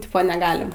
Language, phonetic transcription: Lithuanian, ˈtipo neˈgalim

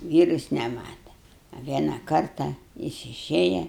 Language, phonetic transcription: Lithuanian, ˈvyrus neˈmata a ˈviena ˈkarta ˈjis iˈšėja

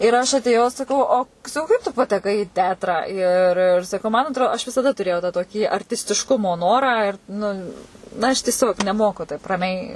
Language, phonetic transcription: Lithuanian, ir aš atėˈjau saˈkau o saˈkau kaip tu pateˈkai i ˈteatrą ir ir saˈkau man atˈro aš visaˈda tuˈrėjau tą toˈkį artistišˈkumo ˈnorą ir nu aš tieˈsiog neˈmoku taip raˈmiai

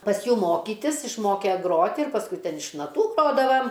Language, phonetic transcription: Lithuanian, pas ˈjų ˈmokytis išˈmoke ˈgroti ir pasˈkui ˈten iš naˈtų ˈgrodavam

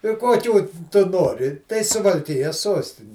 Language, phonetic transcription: Lithuanian, i kuoˈkių ˈtu ˈnori tai suvalˈkijas ˈsuostini

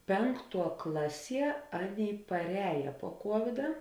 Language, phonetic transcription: Lithuanian, ˈpenkˌtuo ˈklaˌsie ˈaˌnėi parˈēja puo ˈkuovida

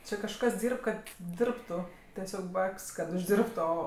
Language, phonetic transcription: Lithuanian, ˈčia kažˈkas ˈdyrb ˈkad ˈdirbtu teˈsiog ˈbapk's' kad užˈdirbtu ˈo

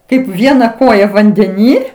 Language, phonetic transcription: Lithuanian, ˈkaip ˈviena ˈkoja vandeˈny

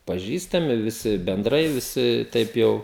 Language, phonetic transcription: Lithuanian, paˈžįstami viˈsi benˈdrai viˈsi ˈteip ˈjau

